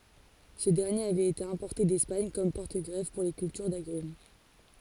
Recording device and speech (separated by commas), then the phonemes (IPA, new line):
forehead accelerometer, read sentence
sə dɛʁnjeʁ avɛt ete ɛ̃pɔʁte dɛspaɲ kɔm pɔʁtəɡʁɛf puʁ le kyltyʁ daɡʁym